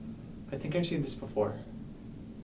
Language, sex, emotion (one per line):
English
male
neutral